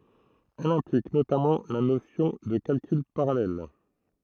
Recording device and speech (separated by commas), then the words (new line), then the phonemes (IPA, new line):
throat microphone, read sentence
Elle implique notamment la notion de calcul parallèle.
ɛl ɛ̃plik notamɑ̃ la nosjɔ̃ də kalkyl paʁalɛl